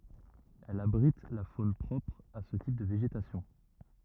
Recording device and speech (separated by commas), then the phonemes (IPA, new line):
rigid in-ear microphone, read sentence
ɛl abʁit la fon pʁɔpʁ a sə tip də veʒetasjɔ̃